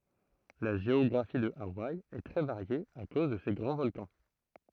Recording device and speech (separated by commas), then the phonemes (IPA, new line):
throat microphone, read sentence
la ʒeɔɡʁafi də awaj ɛ tʁɛ vaʁje a koz də se ɡʁɑ̃ vɔlkɑ̃